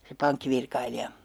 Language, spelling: Finnish, se pankkivirkailija
- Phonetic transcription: se "pankkivirkailija .

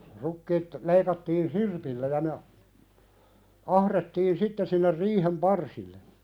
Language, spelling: Finnish, rukiit leikattiin sirpillä ja ne - ahdettiin sitten sinne riihen parsille
- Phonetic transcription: 'rukkiit , 'leikattiin "sirpillä ja ne a- , 'ahrettiin 'sitte sinner 'riihem "parsille .

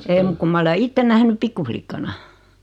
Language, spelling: Finnish, ei muuta kuin minä ole itse nähnyt pikkulikkana
- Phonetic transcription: 'ee muk kum 'ma ole "itten 'nähny 'pikku-flikkana .

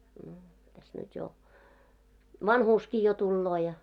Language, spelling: Finnish, no tässä nyt jo vanhuuskin jo tulee ja
- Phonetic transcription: no , täs nyt jo , "vanhuuski jo 'tulloo ja .

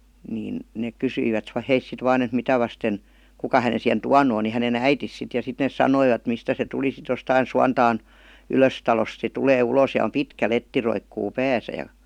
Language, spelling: Finnish, niin ne - kysyivät he sitten vain että mitä vasten kuka hänen siihen tuonut on niin hänen äitinsä sitten ja sitten ne sanoivat mistä se tuli sitten jostakin Suontaan Ylöstalosta se tulee ulos ja on pitkä letti roikkuu päässä ja
- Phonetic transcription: niin , neek kysyi- vät 'heis sit 'vaan ‿et 'mitä » vasten , ''kuka hänen̬ sihen "tuanu on « ni 'hänen » "äitis « sit ja sit nees "sanoivat 'mistä se tuli sit jostain 'Suantaan , "Ylöstalost se 'tulee 'uloos ja om "pitkä 'letti roikkuu 'pääsä ja ,.

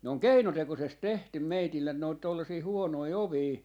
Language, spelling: Finnish, ne on keinotekoisesti tehty meille noita tuollaisia huonoja ovia
- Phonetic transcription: ne oŋ "keinotekosest 'tehtym 'meitillen noit 'tollasii "huonoi 'ovii .

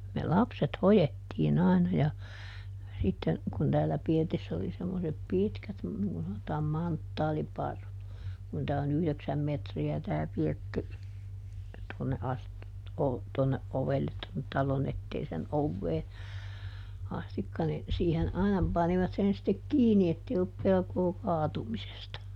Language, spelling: Finnish, me lapset hoettiin aina ja sitten kun täällä pirtissä oli semmoiset pitkät niin kuin sanotaan manttaaliparrut kun tämä on yhdeksän metriä tämä pirtti tuonne asti - tuonne ovelle tuonne talon eteisen oveen asti niin siihen aina panivat sen sitten kiinni että ei ollut pelkoa kaatumisesta
- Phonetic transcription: me "lapset ˈhojettiiˈn ‿àina ja , sitten , kun täällä ˈpirtiss ‿oli semmosep "pitkät , niŋ kun sanotaam "manttaaliparrut , kun ˈtää oˈn ‿yhleksäm ˈmetri₍ä tää ˈpirtti , tᵘonne ˈasti , o- , tuonneʼ ˈʼovellet tonnet ˈtalon ‿etteisen ˈovvee , ˈastikka nin , ˈsiihen ˈaina ˈpanivat sen stek "kiini ettei ollup ˈpelkoo ˈkaatumisesta .

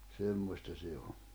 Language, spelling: Finnish, semmoista se on
- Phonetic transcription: 'semmośta 'se o .

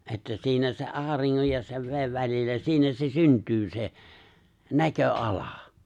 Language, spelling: Finnish, että siinä se auringon ja sen veden välillä siinä se syntyy se näköala
- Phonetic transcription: että 'siinä se’ '’aariŋŋoj ja sev 've̬e̬ᵛ välillä 'siinä se 'syntyy se , 'näkö'’ala .

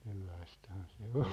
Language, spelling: Finnish, sellaistahan se oli
- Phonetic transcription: sellaisthan̬ se 'ol .

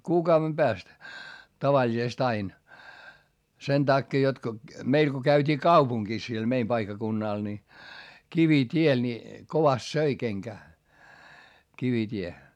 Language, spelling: Finnish, kuukauden päästä tavallisesti aina sen takia jotta kun meillä kun käytiin kaupungissa siellä meidän paikkakunnalla niin kivitie niin kovasti söi kenkää kivitie
- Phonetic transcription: kuukauvem Bääst , tavaĺisest ‿ain , sen takkee jot ko , meil ko käyt́ii kaupuŋGis siel meim paikkakunnàl ni , kivit́ie ni , kovast söi keŋkää , kivit́ie .

